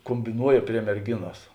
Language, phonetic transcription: Lithuanian, kombiˈnuoja prie merˈginos

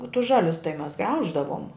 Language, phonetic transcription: Lithuanian, o tus ˈžalius tai mes ˈgrauždavom

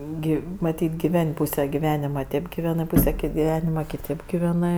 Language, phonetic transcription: Lithuanian, ˈgi maˈtyt' giˈven' ˈpūse giˈvenima ˈtėp giˈvenɜ ˈpūse kė giˈvenima kiˈtėp giˈvenɜ

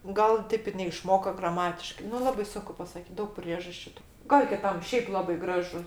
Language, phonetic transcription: Lithuanian, ˈgal ˈtėp ir neišˈmoko graˈmatiškai nu ˈlabai ˈsunku pasaˈkyt ˈdaug ˈpriežasčiu tu ˈgal kiˈtam ˈšeip ˈlabai ˈgražu

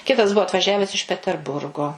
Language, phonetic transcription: Lithuanian, ˈkitas ˈbuo atvaˈžiaves iš peterˈburgo

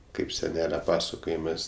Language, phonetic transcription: Lithuanian, kaip seˈnele ˈpasakojimɜs

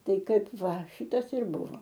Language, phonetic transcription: Lithuanian, ˈtai ˈkaip ˈva ˈšytas ir ˈbuvo

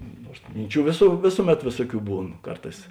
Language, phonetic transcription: Lithuanian, ˈnuors ˈminˌčių vėsu ˈvėsuˌmet ˈvėsuoˌkių ˈbūn ˈkarˌtās

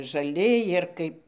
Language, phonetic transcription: Lithuanian, žaˈli ˈjir kaip

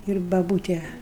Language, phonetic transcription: Lithuanian, ir baˈbūte

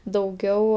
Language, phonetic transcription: Lithuanian, dauˈgiau

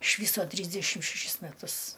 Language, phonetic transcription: Lithuanian, iš ˈvyso ˈtrysdešim šeˈšis meˈtus

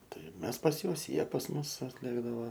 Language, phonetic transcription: Lithuanian, ˈtai ˈmes pas ˈjuos ˈjie pas ˈmus atˈlėkdava

